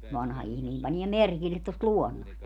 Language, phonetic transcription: Finnish, 'vanha ihmii 'paniɛ "merkillet tost "luonnost .
- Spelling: vanha ihminen panee merkille tuosta luonnosta

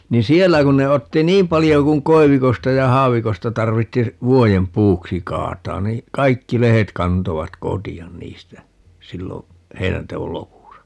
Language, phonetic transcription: Finnish, 'ni "siellä kun ne 'otti "niim 'palijo kuŋ 'koi̮vikosta ja 'haavikosta 'tarvitti , "vuojem 'puuksi 'kaataan nii , "kaikki 'lehet 'kantovat "koti₍an 'niistä , 'sillo , 'heinäntewol "lopusa .
- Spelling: niin siellä kun ne otti niin paljon kuin koivikosta ja haavikosta tarvitsi vuoden puuksi kaataa niin kaikki lehdet kantoivat kotia niistä silloin heinänteon lopussa

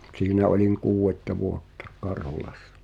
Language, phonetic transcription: Finnish, 't̳siinä ’oĺiŋ "kuu₍etta 'vuottᴀ , 'Karhulassᴀ .
- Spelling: siinä olin kuudetta vuotta Karhulassa

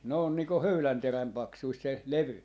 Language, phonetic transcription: Finnish, ne ‿on nii ko "höylänteräm 'paksuist se , "levy .
- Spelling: ne on niin kuin höylänterän paksuista se levy

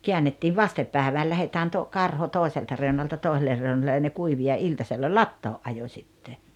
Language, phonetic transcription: Finnish, 'keännettiiv "vastep 'pä̀eväl 'lähetään to- , 'karho "tòeselta 'reu̬nalta 'tòiseller reunalle ja ne 'kuivi ja 'iltasella "lattoo’ ’ajo 'śitte .
- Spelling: käännettiin vasten päivään lähdetään - karho toiselta reunalta toiselle reunalle ja ne kuivui ja iltasella latoon ajoi sitten

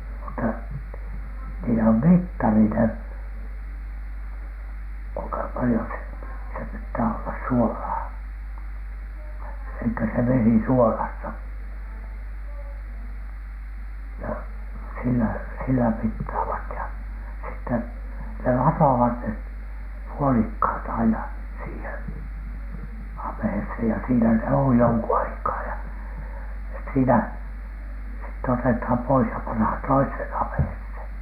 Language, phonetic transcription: Finnish, mutta , niill ‿om "mittari ne , kuiŋka "palⁱjo se , se pittää ollas "suolaa , elikkä se 'vesi "suolasta , ja , sillä , sillä mittaavat ja , sitten , ne "latovat ne , 'puolikhàt aina , siihen "am̀ᵉheshen ja siinä ne oj 'joŋku 'aikaa ja , sit(te) 'siinä , sitte 'otetham pois ja panhan "toishèn "am̀ᵉhesheN .
- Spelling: mutta niillä on mittari ne kuinka paljon se se pitää olla suolaa eli se vesi suolasta ja sillä sillä mittaavat ja sitten ne latovat ne puolikkaat aina siihen ammeeseen ja siinä ne on jonkun aikaa ja sitten siinä sitten otetaan pois ja pannaan toiseen ammeeseen

